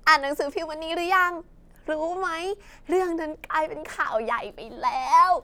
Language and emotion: Thai, happy